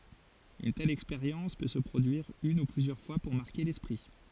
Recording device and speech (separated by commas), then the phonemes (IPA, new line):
forehead accelerometer, read sentence
yn tɛl ɛkspeʁjɑ̃s pø sə pʁodyiʁ yn u plyzjœʁ fwa puʁ maʁke lɛspʁi